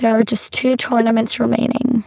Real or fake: fake